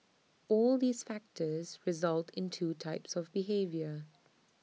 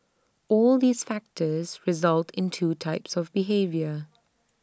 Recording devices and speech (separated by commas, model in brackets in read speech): mobile phone (iPhone 6), standing microphone (AKG C214), read sentence